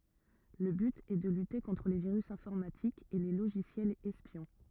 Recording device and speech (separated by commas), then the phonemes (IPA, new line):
rigid in-ear microphone, read sentence
lə byt ɛ də lyte kɔ̃tʁ le viʁys ɛ̃fɔʁmatikz e le loʒisjɛlz ɛspjɔ̃